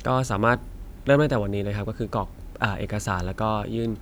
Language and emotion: Thai, neutral